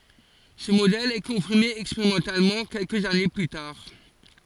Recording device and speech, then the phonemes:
forehead accelerometer, read sentence
sə modɛl ɛ kɔ̃fiʁme ɛkspeʁimɑ̃talmɑ̃ kɛlkəz ane ply taʁ

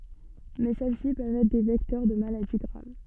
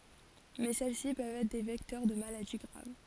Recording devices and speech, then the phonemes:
soft in-ear microphone, forehead accelerometer, read sentence
mɛ sɛl si pøvt ɛtʁ de vɛktœʁ də maladi ɡʁav

